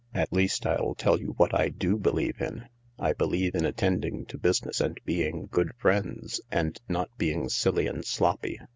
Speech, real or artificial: real